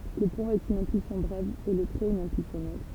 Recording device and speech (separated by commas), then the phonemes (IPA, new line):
temple vibration pickup, read sentence
lə pwɛ̃ ɛt yn ɛ̃pylsjɔ̃ bʁɛv e lə tʁɛt yn ɛ̃pylsjɔ̃ lɔ̃ɡ